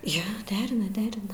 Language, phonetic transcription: Lithuanian, ˈjo ˈderina ˈderina

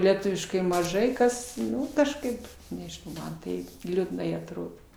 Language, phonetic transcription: Lithuanian, leˈtuviškai maˈžai kas ˈnu kažˈkaip nežiˈnau ˈman taip liudˈnai atˈrodo

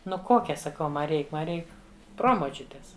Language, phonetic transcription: Lithuanian, ˈnu ˈkokia saˈkau ˈma ˈreik ˈma ˈreik ˈpromočiutės

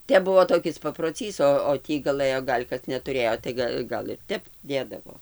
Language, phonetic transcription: Lithuanian, ˈtep ˈbuvo toˈkis paproˈcys o o ˈtį gaˈlɘjo ˈgal' kas netuˈrėjo tai ˈga gal ir ˈtep ˈdėdavo

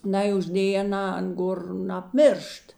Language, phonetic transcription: Lithuanian, ˈnai užˈdėj aˈnā ˈan ˈgor napˈmiršt

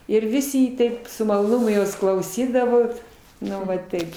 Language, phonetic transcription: Lithuanian, ir ˈvisi i ˈtaip su maloˈnumu ˈjos klauˈsydavot ˈnu va ˈtaip

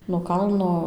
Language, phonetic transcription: Lithuanian, no ˈkalno

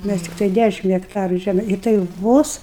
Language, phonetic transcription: Lithuanian, ˈmæs ˈtiktai ˈdæšim hekˈtaru ˈžæm i tai ˈvos

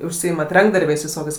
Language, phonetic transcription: Lithuanian, užˈsyimat ˈrankdarbiais viˈsokiais

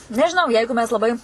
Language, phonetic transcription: Lithuanian, nežiˈnau ˈjeigu mes laˈbai

